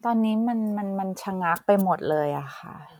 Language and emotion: Thai, frustrated